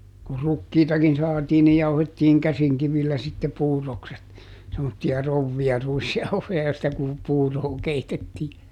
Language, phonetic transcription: Finnish, kur "rukkiitakin ˈsaatii ni ˈjauhettiiŋ "käsiŋkivillä sitte ˈpuur̆rokset , semmotti₍a ˈrouvvi₍a ˈruisjauhoja joista ku- , ˈpuuroo ˈkeitettii .
- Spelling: kun rukiitakin saatiin niin jauhettiin käsinkivillä sitten puurokset semmoisia krouveja ruisjauhoja joista - puuroa keitettiin

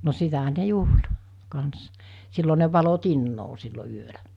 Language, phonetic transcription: Finnish, no 'sitähä ne "juhl , 'kans , 'sillo ne valo 'tinnoo sillo 'yölä .
- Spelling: no sitähän ne juhli kanssa silloin ne valoi tinaa silloin yöllä

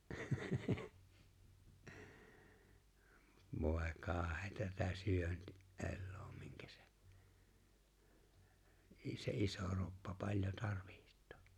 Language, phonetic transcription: Finnish, 'vòe 'kaaheeta tätä 'syönti- , '’ellᴏᴏ Mɪᴎkᴀ̈ sᴇ , 'i- se 'iso 'roppa 'paĺjo tarvɪht̀ᴏᴏ .
- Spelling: voi kauheaa tätä - eloa minkä se - se iso kroppa paljon tarvitsee

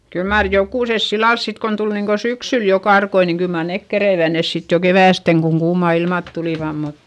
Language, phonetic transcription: Finnish, kyl maar jokùses sillals sit kon tul niŋko syksyl jo karkoi niŋ kyl mar nek kereivä nes sit jo kevä̀steŋ koŋ kuumà ilmàt tulìvam mut, .
- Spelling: kyllä mar jokusessa sillä lailla sitten kun tuli niin kuin syksyllä jo karkkoja niin kyllä mar ne keritsivät ne sitten jo keväästen kun kuumat ilmat tulivat mutta

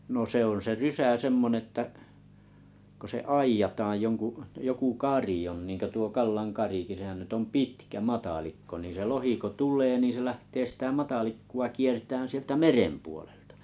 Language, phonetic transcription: Finnish, no 'se ‿on se 'rysä 'semmon ‿että’ , ko se "aiǰjataaj 'joŋku’ , 'joku "kàri on niŋko tuo 'Kallaŋ "kariki sehän nyt ‿om "pitkä "matalikko ni se 'lohi ko 'tul̀ee niin̬ se 'lähtee sitä 'matalikku₍a 'kiertään̬ 'sieltä "merem puoleltᴀ .
- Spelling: no se on se rysä semmoinen että kun se aidataan jonkun joku kari on niin kuin tuo Kallan karikin sehän nyt on pitkä matalikko niin se lohi kun tulee niin se lähtee sitä matalikkoa kiertämään sieltä meren puolelta

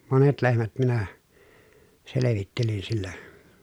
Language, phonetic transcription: Finnish, monet lehmät minä , selevittelin sillä .
- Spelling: monet lehmät minä selvittelin sillä

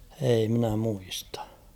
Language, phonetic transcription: Finnish, 'ei mⁱnä 'muistᴀ .
- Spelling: ei minä muista

